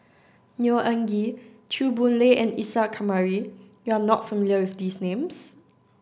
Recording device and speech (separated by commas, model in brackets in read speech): standing microphone (AKG C214), read sentence